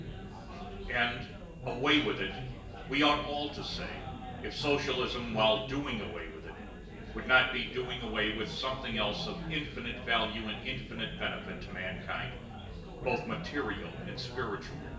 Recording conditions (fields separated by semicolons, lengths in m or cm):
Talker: one person; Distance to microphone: 1.8 m; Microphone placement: close; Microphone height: 1.0 m; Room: large; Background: babble